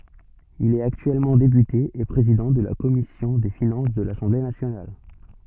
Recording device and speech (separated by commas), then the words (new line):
soft in-ear microphone, read sentence
Il est actuellement député et président de la commission des Finances de l'Assemblée nationale.